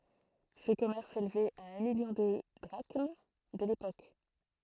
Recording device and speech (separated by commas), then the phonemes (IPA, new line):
throat microphone, read sentence
sə kɔmɛʁs selvɛt a œ̃ miljɔ̃ də dʁaʃm də lepok